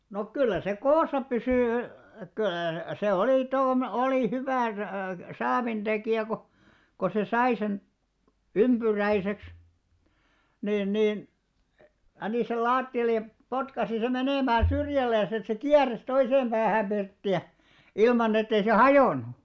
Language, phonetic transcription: Finnish, nok 'kyllä se "koosa 'pysỳ , köö- , 'se 'olì toom- , 'olì 'hyvä , 'saavinᴅekìjä ko , ko se 'sai sen , "ymʙyräiseks , 'niin 'niin , 'panì sel "laatti₍allej̆ ja , 'potkasi 'sem 'menèmää "syrjälleen̬s ‿et se "kiäres 'toiseem ʙäähääᵐ 'ʙirtti₍ä , 'ilman ‿et̆tei se "hajònu .
- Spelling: no kyllä se koossa pysyi - se oli - oli hyvä saavintekijä kun kun se sai sen ympyräiseksi niin niin pani sen lattialle ja potkaisi sen menemään syrjälleen että se kieri toiseen päähän pirttiä ilman että ei se hajonnut

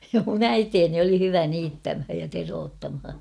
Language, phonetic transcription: Finnish, mun ‿"äiteeni oli 'hyvä 'niittämhäj ja 'teroot"tamha .
- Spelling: minun äitini oli hyvä niittämään ja teroittamaan

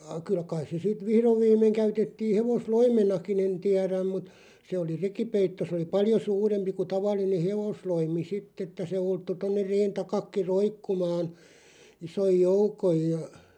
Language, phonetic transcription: Finnish, a- 'kyl(ä) kaiˢ se 'sit "vihrov 'viim̀eŋ 'käytettii 'hevos"loimenakin ‿en 'tiäräm mut , 'se oli "rekipeitto sᵉ oli "paljo 'suurempi ku 'taval̆line "hevosloimi "sitt ‿että se 'ulttu 'tonner 'reen 'takakki "roikkumaan , 'isoj "joukoj ja ,.
- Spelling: - kyllä kai se sitten vihdoin viimein käytettiin hevosloimenakin en tiedä mutta se oli rekipeitto se oli paljon suurempi kuin tavallinen hevosloimi sitten että se ulottui tuonne reen taakin roikkumaan ison joukon ja

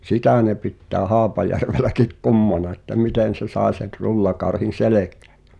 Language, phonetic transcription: Finnish, sitä̀ ne pittää 'Haapajärveläkik "ku̬mmana että 'mitèn̬ se sài̬ se(n) 'rullakarhin̬ "selèkᴀ̈ᴀ̈ (ᴊᴀ) .
- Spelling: sitä ne pitää Haapajärvelläkin kummana että miten se sai sen rullakarhin selkään ja

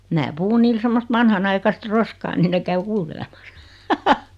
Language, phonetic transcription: Finnish, mää 'puhu niil 'semmost "vanhanaikast 'roskaa nin ne 'käy "kuu(l)teleᴍᴀsᴀ .
- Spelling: minä puhun niille semmoista vanhanaikaista roskaa niin ne käy kuuntelemassa

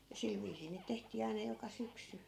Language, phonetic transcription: Finnish, ja 'sil viisii niit 'tehtii aina 'joka 'syksy .
- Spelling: ja sillä viisiin niitä tehtiin aina joka syksy

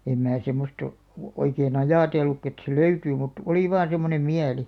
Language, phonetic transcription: Finnish, 'em 'mää semmost ‿o- , o- 'oikee"n ‿ajàtellukkᵃ et se "löytyy mut , 'oli vaan̬§ semmonem "miäli .
- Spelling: en minä semmoista - - oikein ajatellutkaan että se löytyy mutta oli vain semmoinen mieli

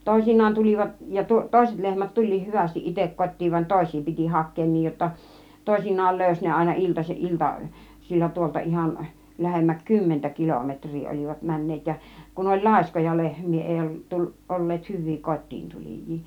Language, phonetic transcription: Finnish, 'tòisinnaan 'tulivat , ja 'tòiset 'lehmät "tul̆liih 'hyvästiˀ "ˀitek 'kottiiv van "tòis̀ii piti "hak̆keen 'niij jotta , 'tòisinnaal 'lö̀ys ne àina 'ilta- , 'ilta- -sill̜a tuolta ihan , 'lähemmäk "kymmentä 'kilometŕ̆rii 'ol͕ivat 'män̆neet ja , kun oĺ "làiskoja 'lehm̆mii èi tul- , 'èi ol̀leet 'hyv̆vii "kot́tiin 'tulij̆jii .
- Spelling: toisinaan tulivat ja toiset lehmät tuli hyvästi itse kotiin vaan toisia piti hakea niin jotta toisinaan löysi ne aina - - iltasilla tuolta ihan lähemmäs kymmentä kilometriä olivat menneet ja kun oli laiskoja lehmiä ei - ei olleet hyviä kotiin tulijoita

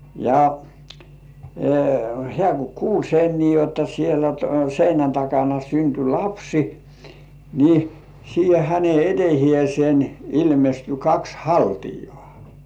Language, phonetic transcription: Finnish, ja , 'hĕä̀ ku "kuul sen nii jotta sielä 'seinän takana synty "lapsi , ni , siihe 'häne "etehĭèsen ilmesty 'kaks "haltijᴏ̆ᴀ̀ .
- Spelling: ja hän kun kuuli sen niin jotta siellä seinän takana syntyi lapsi niin siihen hänen eteensä ilmestyi kaksi haltiaa

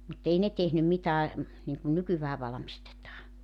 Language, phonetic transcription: Finnish, mut 'ei ne 'tehnym mitää , niŋkun 'nykyvää valᵃmistetaa .
- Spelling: mutta ei ne tehnyt mitään niin kuin nykyään valmistetaan

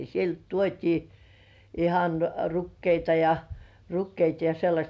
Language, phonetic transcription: Finnish, sielt tuot́ii , 'ihan , "rukkeita ja , 'rukkeita ja sellaśt .
- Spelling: sieltä tuotiin ihan rukiita ja rukiita ja sellaista

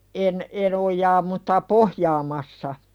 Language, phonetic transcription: Finnish, en , en 'oj̆jaa mutta "pohjaamassa .
- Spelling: en en ojaa mutta pohjaamassa

